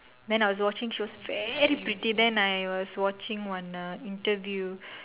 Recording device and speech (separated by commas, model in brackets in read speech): telephone, conversation in separate rooms